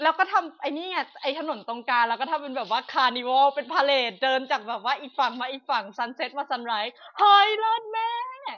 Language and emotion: Thai, happy